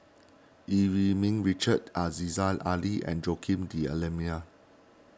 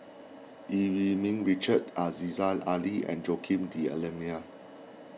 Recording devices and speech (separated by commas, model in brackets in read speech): standing microphone (AKG C214), mobile phone (iPhone 6), read sentence